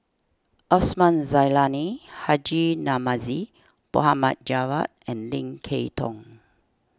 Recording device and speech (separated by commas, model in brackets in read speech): standing microphone (AKG C214), read sentence